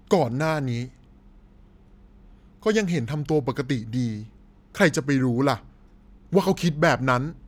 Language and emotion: Thai, neutral